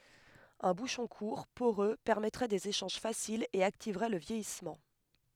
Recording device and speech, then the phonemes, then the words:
headset microphone, read sentence
œ̃ buʃɔ̃ kuʁ poʁø pɛʁmɛtʁɛ dez eʃɑ̃ʒ fasilz e aktivʁɛ lə vjɛjismɑ̃
Un bouchon court, poreux, permettrait des échanges faciles et activerait le vieillissement.

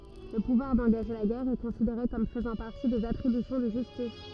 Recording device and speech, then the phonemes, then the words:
rigid in-ear microphone, read sentence
lə puvwaʁ dɑ̃ɡaʒe la ɡɛʁ ɛ kɔ̃sideʁe kɔm fəzɑ̃ paʁti dez atʁibysjɔ̃ də ʒystis
Le pouvoir d'engager la guerre est considéré comme faisant partie des attributions de justice.

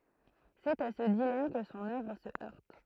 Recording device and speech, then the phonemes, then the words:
throat microphone, read sentence
sɛt a sə dilam kə sɔ̃n œvʁ sə œʁt
C'est à ce dilemme que son œuvre se heurte.

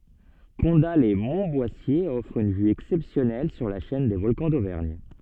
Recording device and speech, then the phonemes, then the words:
soft in-ear microphone, read sentence
kɔ̃datlɛsmɔ̃tbwasje ɔfʁ yn vy ɛksɛpsjɔnɛl syʁ la ʃɛn de vɔlkɑ̃ dovɛʁɲ
Condat-lès-Montboissier offre une vue exceptionnelle sur la chaîne des Volcans d'Auvergne.

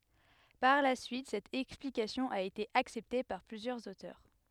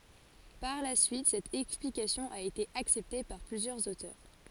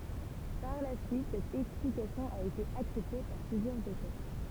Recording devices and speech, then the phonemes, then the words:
headset microphone, forehead accelerometer, temple vibration pickup, read sentence
paʁ la syit sɛt ɛksplikasjɔ̃ a ete aksɛpte paʁ plyzjœʁz otœʁ
Par la suite cette explication a été acceptée par plusieurs auteurs.

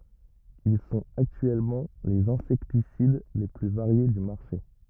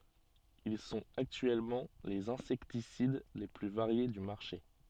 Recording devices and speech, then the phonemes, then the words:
rigid in-ear microphone, soft in-ear microphone, read sentence
il sɔ̃t aktyɛlmɑ̃ lez ɛ̃sɛktisid le ply vaʁje dy maʁʃe
Ils sont actuellement les insecticides les plus variés du marché.

